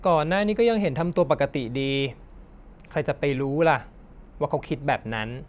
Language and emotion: Thai, frustrated